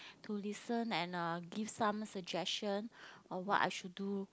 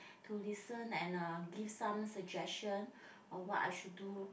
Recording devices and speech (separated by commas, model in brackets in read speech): close-talking microphone, boundary microphone, conversation in the same room